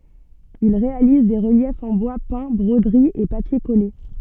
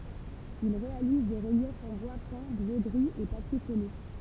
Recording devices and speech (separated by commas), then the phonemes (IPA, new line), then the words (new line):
soft in-ear microphone, temple vibration pickup, read sentence
il ʁealiz de ʁəljɛfz ɑ̃ bwa pɛ̃ bʁodəʁiz e papje kɔle
Il réalise des reliefs en bois peints, broderies et papiers collés.